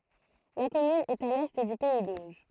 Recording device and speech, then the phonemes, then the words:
throat microphone, read sentence
la kɔmyn ɛt a lɛ dy pɛi doʒ
La commune est à l'est du pays d'Auge.

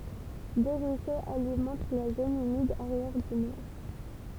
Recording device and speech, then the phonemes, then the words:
temple vibration pickup, read sentence
dø ʁyisoz alimɑ̃t la zon ymid aʁjɛʁ dynɛʁ
Deux ruisseaux alimentent la zone humide arrière-dunaire.

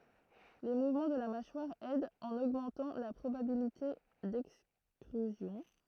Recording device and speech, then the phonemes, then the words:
throat microphone, read sentence
le muvmɑ̃ də la maʃwaʁ ɛdt ɑ̃n oɡmɑ̃tɑ̃ la pʁobabilite dɛkstʁyzjɔ̃
Les mouvements de la mâchoire aident en augmentant la probabilité d'extrusion.

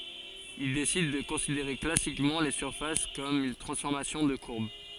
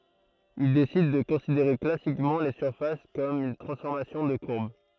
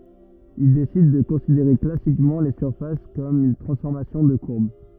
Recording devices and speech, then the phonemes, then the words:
forehead accelerometer, throat microphone, rigid in-ear microphone, read sentence
il desid də kɔ̃sideʁe klasikmɑ̃ le syʁfas kɔm yn tʁɑ̃sfɔʁmasjɔ̃ də kuʁb
Il décide de considérer classiquement les surfaces comme une transformation de courbes.

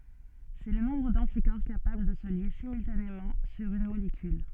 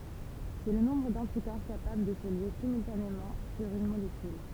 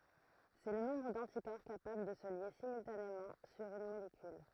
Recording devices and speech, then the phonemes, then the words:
soft in-ear microphone, temple vibration pickup, throat microphone, read sentence
sɛ lə nɔ̃bʁ dɑ̃tikɔʁ kapabl də sə lje simyltanemɑ̃ syʁ yn molekyl
C’est le nombre d’anticorps capables de se lier simultanément sur une molécule.

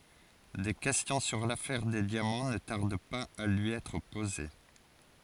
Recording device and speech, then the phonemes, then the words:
forehead accelerometer, read sentence
de kɛstjɔ̃ syʁ lafɛʁ de djamɑ̃ nə taʁd paz a lyi ɛtʁ poze
Des questions sur l'affaire des diamants ne tardent pas à lui être posées.

